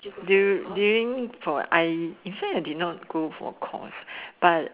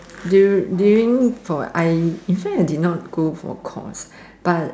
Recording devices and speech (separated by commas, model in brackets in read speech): telephone, standing microphone, conversation in separate rooms